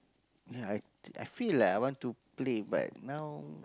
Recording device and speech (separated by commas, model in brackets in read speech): close-talking microphone, conversation in the same room